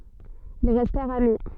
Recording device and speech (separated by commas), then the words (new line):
soft in-ear microphone, read sentence
Ils restèrent amis.